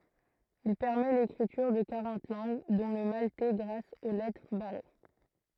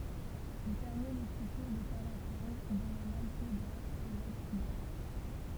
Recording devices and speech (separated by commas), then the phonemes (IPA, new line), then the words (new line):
throat microphone, temple vibration pickup, read sentence
il pɛʁmɛ lekʁityʁ də kaʁɑ̃t lɑ̃ɡ dɔ̃ lə maltɛ ɡʁas o lɛtʁ baʁe
Il permet l’écriture de quarante langues, dont le maltais grâce aux lettres barrées.